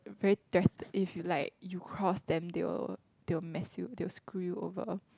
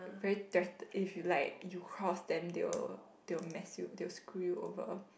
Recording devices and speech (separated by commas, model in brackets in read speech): close-talking microphone, boundary microphone, conversation in the same room